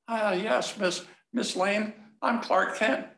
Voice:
diminuitive voice